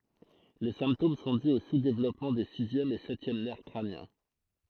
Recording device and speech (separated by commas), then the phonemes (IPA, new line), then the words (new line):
throat microphone, read sentence
le sɛ̃ptom sɔ̃ dy o suzdevlɔpmɑ̃ de sizjɛm e sɛtjɛm nɛʁ kʁanjɛ̃
Les symptômes sont dus au sous-développement des sixième et septième nerfs crâniens.